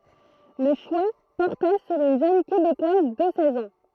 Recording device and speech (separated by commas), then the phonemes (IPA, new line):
throat microphone, read sentence
lə ʃwa pɔʁta syʁ yn ʒøn kebekwaz də sɛz ɑ̃